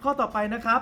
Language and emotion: Thai, neutral